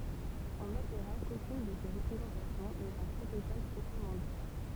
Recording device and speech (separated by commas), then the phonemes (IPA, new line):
temple vibration pickup, read sentence
ɔ̃ notʁa kokyn də se ʁəpʁezɑ̃tasjɔ̃ nɛt œ̃ pʁotokɔl pʁɔpʁəmɑ̃ di